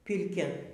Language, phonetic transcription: Lithuanian, pirˈkia

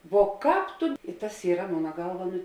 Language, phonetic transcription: Lithuanian, vo ˈkāp tu i tas ˈyra ˈmona ˈgalva ˈnu

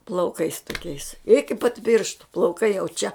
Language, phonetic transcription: Lithuanian, plauˈkais toˈkiais iki pat ˈpyrštu plauˈkai jau ˈčia

